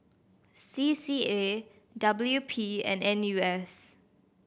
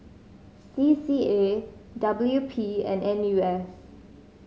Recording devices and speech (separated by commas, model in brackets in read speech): boundary microphone (BM630), mobile phone (Samsung C5010), read sentence